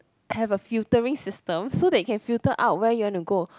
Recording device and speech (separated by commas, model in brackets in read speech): close-talking microphone, conversation in the same room